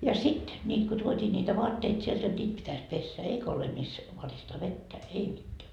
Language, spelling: Finnish, ja sitten niitä kun tuotiin niitä vaatteita sieltä jotta niitä pitäisi pestä eikä ole missä varistaa vettä ei mitään
- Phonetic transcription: ja 'sit , 'ńiit ko tuot́ii ńiitä "voatteit sielt jot 'ńiit pitäs 'pessä 'eikä ole mis , 'varistaa "vettä , 'ei mitteä .

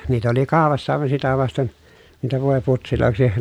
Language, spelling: Finnish, niitä oli kaupassa aivan sitä vasten niitä voiputseiksi
- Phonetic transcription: niit ‿oli kàopassa àevan sitä vasten , niitä vòeputsilòeksi ,.

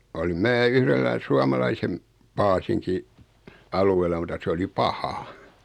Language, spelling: Finnish, olin minä yhdellä suomalaisen paasinkin alueella mutta se oli paha
- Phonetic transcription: olim 'mää "yhrellä 'suamalaisem , 'paasiŋki , 'aluel̀a muta 'se oli "paha .

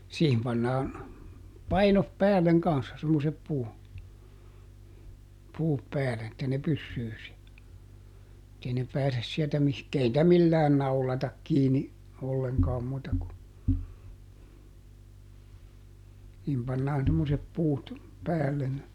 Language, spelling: Finnish, siihen pannaan painot päälle kanssa semmoiset - puut päälle että ne pysyy siellä että ei ne pääse sieltä - ei niitä millään naulata kiinni ollenkaan muuta kuin niihin pannaan semmoiset puut päälle
- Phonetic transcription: ˈsiihim pannaan , ˈpainop "päälleŋ ˈkanssa semmosep puu- , ˈpuup ˈpäälen että ne "pyssyy siä , [et]tei ne ˈpääses siɛltä mihk- ˈei nⁱtä millään "naulatak ˈkiini , olleŋkaam muuta ku , (nii)him pannaan semmosep ˈpuut , ˈpäällen .

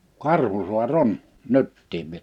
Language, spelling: Finnish, Karhusaari on nytkin vielä
- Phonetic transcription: Karhusua"r ‿on , 'nyttiiv vie[lä] .

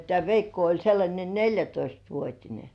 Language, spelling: Finnish, tämä Veikko oli sellainen neljätoistavuotinen
- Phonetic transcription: tĕä̀ 'Veikko oĺ sellańe "neĺjätoistvuot́ine .

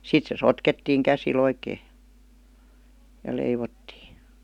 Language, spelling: Finnish, sitten se sotkettiin käsillä oikein ja ja leivottiin
- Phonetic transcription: 'sit se "sotkettiiŋ 'käsi'l ‿oikee (ja) , ja 'leivottii .

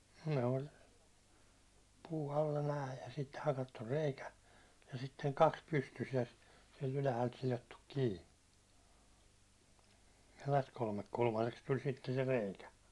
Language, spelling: Finnish, ne oli puu alla nämä ja sitten hakattu reikä ja sitten kaksi pystyssä ja siitä ylhäältä sidottu kiinni ja tästä kolmekulmaiseksi tuli sitten se reikä
- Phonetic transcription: ne ol' , puu alla 'nääj ja sit , 'hakattur "reikä , ja sitteŋ 'kaks pystys ja (siit) ylähält silottuk 'kii , ja (täst) 'kolmek'kulmaseks tul sitten̬ se 'rèikä .

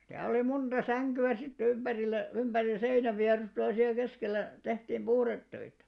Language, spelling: Finnish, sitä oli monta sänkyä sitten ympärillä ympäri seinänvierustoja ja siellä keskellä tehtiin puhdetöitä
- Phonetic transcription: 'sitä oli 'munᴅa 'säŋky₍ä sit't ‿ymʙärillä , ymʙäri 'seinävviarustoja ja siäˡ 'keskellä , 'tehtiim "ʙuhrettöitä .

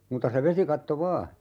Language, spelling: Finnish, muuta se vesikatto vain
- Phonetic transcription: 'muuta se 'vesikatto "vaa .

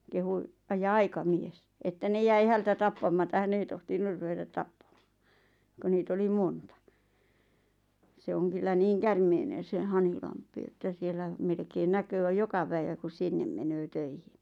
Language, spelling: Finnish, kehui - ja aikamies että ne jäi häneltä tappamatta hän ei tohtinut ruveta tappamaan kun niitä oli monta se on kyllä niin käärmeinen se Hanhilampi että siellä melkein näkee joka päivä kun sinne menee töihin
- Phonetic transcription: kehu , ᵃˉ ja 'aika'mies , että 'ne jäi 'häitä 'tappamata "hän ‿ei 'tohtinur 'ruvetat "tappaᴍᴀᴀ , ko nii't ‿oli "monta , se "oŋ kyllä "niiŋ 'kärmeinen̬ se 'Hanhilamp̆pi että 'siel̆lä , 'melkein näköö 'joka- , päivä ku 'sinnem menöö 'töihiɴ .

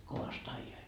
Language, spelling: Finnish, kovasti ajoivat
- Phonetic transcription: kovast 'aijoit .

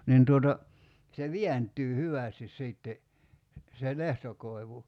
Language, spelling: Finnish, niin tuota se vääntyy hyvästi sitten se lehtokoivu
- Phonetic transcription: nin tuota , se "viänt̀yy 'hyvä̀stis 'sìtte , se 'lehtokoi̬vu .

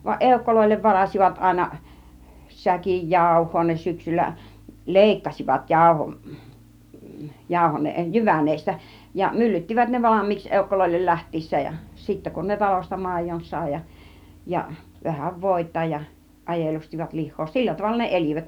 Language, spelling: Finnish, vaan eukoille varasivat aina säkin jauhoa ne syksyllä leikkasivat jauhon jauho jyvän ja myllyttivät ne valmiiksi eukoille lähtiessään ja sitten kun ne talosta maidon sai ja ja vähän voita ja ajelustivat lihaa sillä tavalla ne elivät
- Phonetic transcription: vaˀ 'ˀèukkoloillev varasivat 'àina , 'säkij "jàuh̆hoo ne 'syksyllä , "lèikkasivat 'jàuhon , jàuho , (jyvän- -) ja "myllyttivät ne "valam̆miiks 'èukkoloillel "läht̆tiis̀sääj ja , sittä kun ne 'talosta "màijon sài ja , ja 'vähäv "vòit̀aaj ja , 'ajelustivat 'lih̆hoo "sillä 'tavalla ne "el͕ivät .

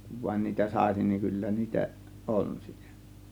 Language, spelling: Finnish, kun vain niitä saisi niin kyllä niitä on siellä
- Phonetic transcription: kuv vaĭn 'niitä "sàėsin niiŋ 'kyllä niitä , "ˀon siEL̀Ä .

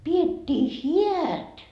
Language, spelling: Finnish, pidettiin häät
- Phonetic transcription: 'piet́t́ii "hiät .

